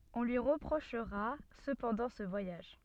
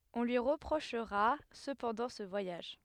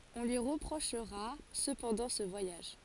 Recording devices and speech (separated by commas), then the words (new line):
soft in-ear microphone, headset microphone, forehead accelerometer, read sentence
On lui reprochera cependant ce voyage.